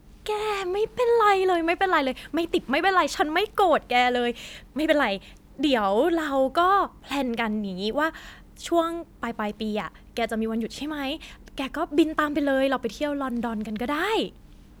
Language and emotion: Thai, happy